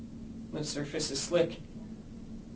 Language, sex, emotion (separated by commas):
English, male, neutral